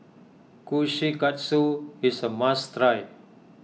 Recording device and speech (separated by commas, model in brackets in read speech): mobile phone (iPhone 6), read sentence